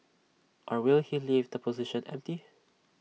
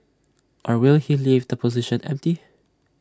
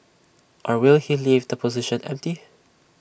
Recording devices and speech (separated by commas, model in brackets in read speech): mobile phone (iPhone 6), standing microphone (AKG C214), boundary microphone (BM630), read sentence